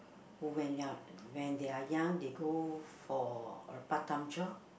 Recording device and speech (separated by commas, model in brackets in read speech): boundary microphone, conversation in the same room